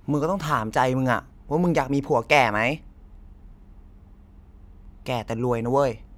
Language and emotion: Thai, frustrated